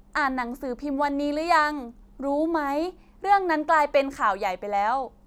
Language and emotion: Thai, neutral